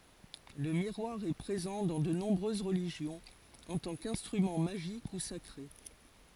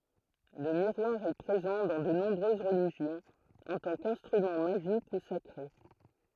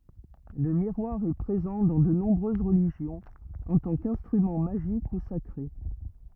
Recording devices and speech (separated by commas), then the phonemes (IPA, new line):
forehead accelerometer, throat microphone, rigid in-ear microphone, read sentence
lə miʁwaʁ ɛ pʁezɑ̃ dɑ̃ də nɔ̃bʁøz ʁəliʒjɔ̃z ɑ̃ tɑ̃ kɛ̃stʁymɑ̃ maʒik u sakʁe